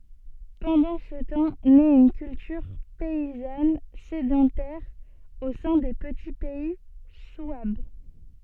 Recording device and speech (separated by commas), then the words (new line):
soft in-ear microphone, read sentence
Pendant ce temps naît une culture paysanne sédentaire au sein des petits pays souabes.